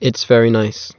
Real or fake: real